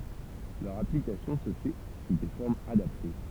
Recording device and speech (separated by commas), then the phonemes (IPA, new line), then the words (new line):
temple vibration pickup, read sentence
lœʁ aplikasjɔ̃ sə fɛ su de fɔʁmz adapte
Leur application se fait sous des formes adaptées.